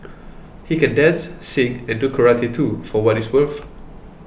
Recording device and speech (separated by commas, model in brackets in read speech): boundary microphone (BM630), read sentence